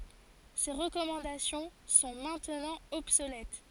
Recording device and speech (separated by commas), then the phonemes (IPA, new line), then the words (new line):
forehead accelerometer, read sentence
se ʁəkɔmɑ̃dasjɔ̃ sɔ̃ mɛ̃tnɑ̃ ɔbsolɛt
Ces recommandations sont maintenant obsolètes.